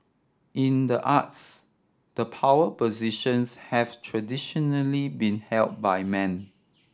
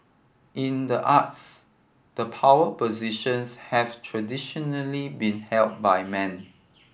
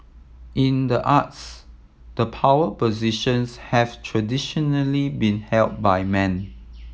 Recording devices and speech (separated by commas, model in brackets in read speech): standing microphone (AKG C214), boundary microphone (BM630), mobile phone (iPhone 7), read sentence